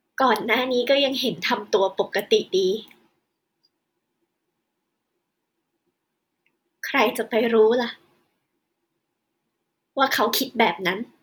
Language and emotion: Thai, sad